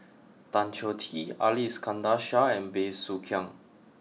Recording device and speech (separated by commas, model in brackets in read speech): mobile phone (iPhone 6), read sentence